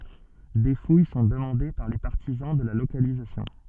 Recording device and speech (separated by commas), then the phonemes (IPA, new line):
soft in-ear microphone, read sentence
de fuj sɔ̃ dəmɑ̃de paʁ le paʁtizɑ̃ də la lokalizasjɔ̃